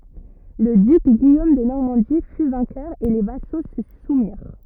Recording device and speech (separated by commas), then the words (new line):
rigid in-ear microphone, read sentence
Le duc Guillaume de Normandie fut vainqueur et les vassaux se soumirent.